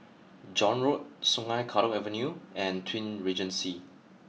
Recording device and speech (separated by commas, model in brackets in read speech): mobile phone (iPhone 6), read sentence